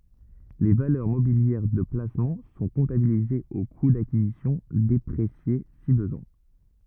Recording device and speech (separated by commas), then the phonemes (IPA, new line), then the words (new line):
rigid in-ear microphone, read sentence
le valœʁ mobiljɛʁ də plasmɑ̃ sɔ̃ kɔ̃tabilizez o ku dakizisjɔ̃ depʁesje si bəzwɛ̃
Les valeurs mobilières de placement sont comptabilisées au coût d'acquisition déprécié si besoin.